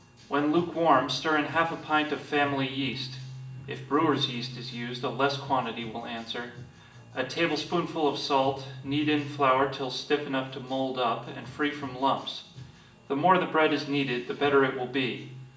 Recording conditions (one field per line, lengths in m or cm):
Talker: one person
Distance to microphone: 1.8 m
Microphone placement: close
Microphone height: 1.0 m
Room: large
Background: music